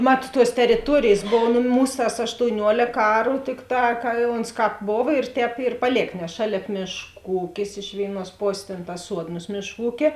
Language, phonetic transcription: Lithuanian, ˈmat tuos teriˈtuorėjės ˈbovo nu ˈmūs tas aštouˈniuolėk ˈaru ˈtikˌtā ka ons ˈkāp ˈbova ir ˈtēp ir paˈlėk nes ˈšalėp ˈmėšˌkų ˈūkis iš ˈvėiˌnuos ˈposės ˈtėn tas ˈsuodnos ˈmėšˌkų ˈūkė

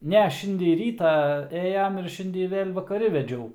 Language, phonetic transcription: Lithuanian, ˈne ˈšindej ˈrytą ˈėjam ir ˈšindej ˈvėl' vakaˈri veˈdžiau

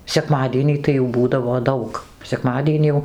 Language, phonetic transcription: Lithuanian, seˈkmadienį tai jau ˈbūdavo ˈdaug seˈkmadienį jau

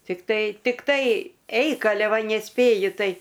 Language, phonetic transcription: Lithuanian, tikˈtai tikˈtai ˈeik aˈle ˈva neˈspėju ˈtai

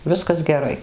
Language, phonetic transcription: Lithuanian, ˈviskas geˈrai

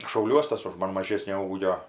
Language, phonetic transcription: Lithuanian, šauˈliuos ˈtas už ˈman maˈžėsnio ˈūgio

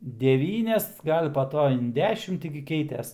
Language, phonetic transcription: Lithuanian, deˈvynias ˈgal' pa ˈto in ˈdešim ˈti gi ˈkeites

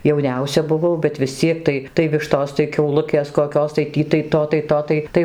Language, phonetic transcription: Lithuanian, jauˈniausia buˈvau bet visˈciek tai tai ˈvištos tai kiauˈlukės koˈkios tai ˈtį tai ˈto tai to ˈtai ˈtai

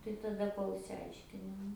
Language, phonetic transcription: Lithuanian, tai taˈda ˈkol išsiˈaiškini ˈnu

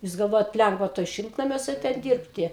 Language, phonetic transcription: Lithuanian, jus galˈvojat ˈlengva toj ˈšiltnamiuose ˈten ˈdyrbti

